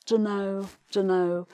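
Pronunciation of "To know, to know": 'Dunno, dunno' is a shortened form of 'don't know'. The tone carries no interest and no enthusiasm and sounds a bit negative.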